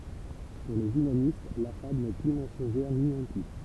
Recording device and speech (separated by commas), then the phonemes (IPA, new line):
temple vibration pickup, read sentence
puʁ lez ymanist la fabl nɛ ply mɑ̃sɔ̃ʒɛʁ ni ɛ̃pi